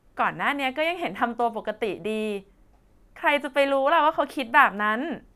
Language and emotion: Thai, happy